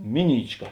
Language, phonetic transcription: Lithuanian, ˈmiˌnyčˌka

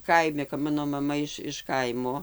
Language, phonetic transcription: Lithuanian, ˈkaimi kap ˈmano maˈma iš iš ˈkaimo

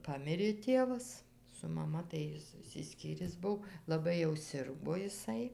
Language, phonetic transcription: Lithuanian, ˈpamirė ˈtėvas su maˈma tai ˈjis išsiˈskyris ˈbuvo laˈbai jau ˈsirgo iˈsai

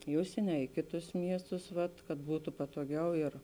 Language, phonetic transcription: Lithuanian, i ˈužsieni a i ˈkėˌtus ˈmiestus ˈvat kad ˈbūtu patoˈgiau ir

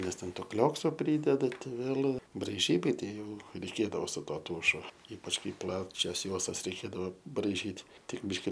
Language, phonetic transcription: Lithuanian, nes ˈten ˈto ˈkliokso ˈprydeda ˈtai ˈvėl' braiˈžybai ˈtei ˈjau reiˈkėdavo su ˈtuo ˈtūšu ˈypač ˈkai ˈplačias ˈjuostas reiˈkėdavo braiˈžyt ˈtik ˈbyški

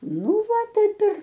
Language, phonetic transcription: Lithuanian, ˈnu ˈva ˈtaip ir

